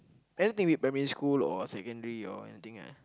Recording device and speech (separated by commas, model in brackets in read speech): close-talking microphone, conversation in the same room